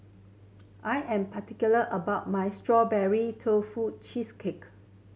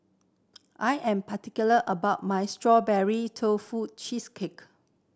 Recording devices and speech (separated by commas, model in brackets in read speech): mobile phone (Samsung C7100), standing microphone (AKG C214), read sentence